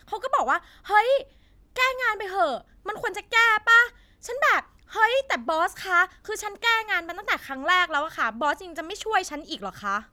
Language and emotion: Thai, angry